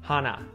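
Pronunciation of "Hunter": In 'Hunter', the t after the n is muted.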